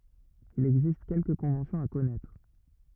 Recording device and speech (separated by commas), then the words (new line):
rigid in-ear microphone, read sentence
Il existe quelques conventions à connaître.